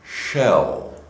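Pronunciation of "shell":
'Shell' is said in slow motion. It begins with an sh sound, not the s of 'sell'.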